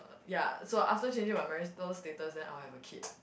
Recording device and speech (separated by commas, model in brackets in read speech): boundary microphone, conversation in the same room